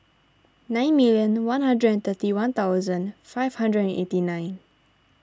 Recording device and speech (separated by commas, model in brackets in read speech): standing microphone (AKG C214), read sentence